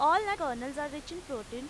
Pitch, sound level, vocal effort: 295 Hz, 95 dB SPL, loud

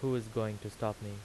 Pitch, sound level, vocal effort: 110 Hz, 84 dB SPL, normal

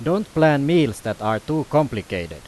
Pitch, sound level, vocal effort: 145 Hz, 92 dB SPL, very loud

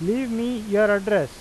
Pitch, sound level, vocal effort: 210 Hz, 93 dB SPL, loud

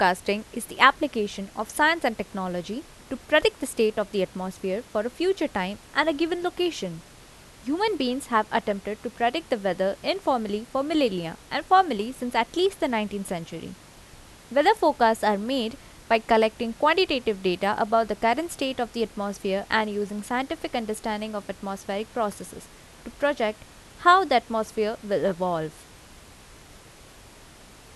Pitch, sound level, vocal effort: 225 Hz, 84 dB SPL, normal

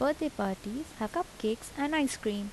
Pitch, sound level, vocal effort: 255 Hz, 78 dB SPL, soft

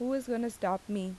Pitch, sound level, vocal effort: 235 Hz, 82 dB SPL, normal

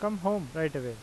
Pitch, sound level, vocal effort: 160 Hz, 88 dB SPL, normal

